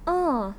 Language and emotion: Thai, neutral